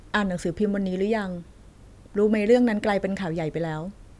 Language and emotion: Thai, neutral